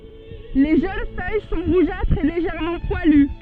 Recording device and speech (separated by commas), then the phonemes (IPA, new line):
soft in-ear microphone, read sentence
le ʒøn fœj sɔ̃ ʁuʒatʁz e leʒɛʁmɑ̃ pwaly